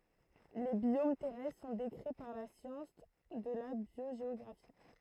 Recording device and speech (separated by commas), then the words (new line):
throat microphone, read sentence
Les biomes terrestres sont décrits par la science de la biogéographie.